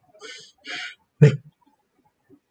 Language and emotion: Thai, frustrated